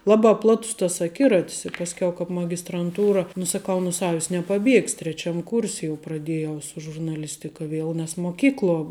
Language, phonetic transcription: Lithuanian, ˈlabā ˈplatus tas aˈkiratis i pasˈkiau kāp magistranˈtūra nu saˈkau nu ˈsavis nepaˈbiegs' treˈčiam ˈkūrs' jau praˈdėjau su žurnaˈlistika ˈviel nes moˈkykluo

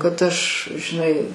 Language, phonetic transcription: Lithuanian, kad ˈaš žiˈnai

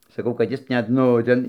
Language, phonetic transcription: Lithuanian, saˈkau kad ˈjis ˈnet ˈnu ten

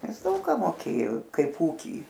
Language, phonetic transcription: Lithuanian, ˈnes ˈdaug ką moˈkėjo ˈkaip ˈūky

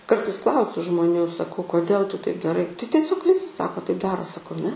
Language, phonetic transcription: Lithuanian, ˈkartais ˈklausiu žmoˈnių saˈkau koˈdėl tu taip daˈrai tai tieˈsiog ˈvisi ˈsako taip ˈdaro saˈkau ne

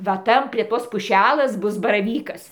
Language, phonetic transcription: Lithuanian, va ˈtan prie ˈtos puˈšælės ˈbus baraˈvykas

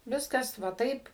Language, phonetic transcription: Lithuanian, ˈviskas va ˈtaip

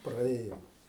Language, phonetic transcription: Lithuanian, praˈėjom

